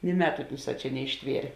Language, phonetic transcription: Lithuanian, ni ˈmetu ˈunˌsā ˈčia neišˈtvierė

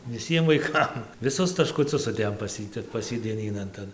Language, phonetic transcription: Lithuanian, viˈsiem vaiˈkam viˈsus taškuˈcius suˈdėjom pas ˈjį tep pas ˈjį dieˈnynan ˈtan

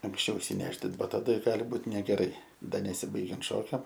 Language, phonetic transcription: Lithuanian, anksˈčiau išsiˈnešdint ˈba taˈda ˈgali ˈbūt negeˈrai ˈda neˈsybaigiant ˈšokiam

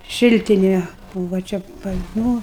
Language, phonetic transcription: Lithuanian, ˈšiltinė ˈbūva ˈčia pat nu

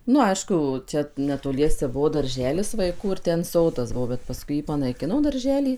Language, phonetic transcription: Lithuanian, ˈnu ˈaišku ˈčia netoˈliese ˈbuvo darˈželis vaiˈkų ir ˈten ˈsodas ˈbuvo bet paˈskui ˈjį panaiˈkino darˈželį

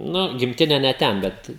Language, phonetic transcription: Lithuanian, ˈnu gimˈtine ne ˈten ˈbet

